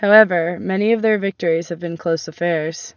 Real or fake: real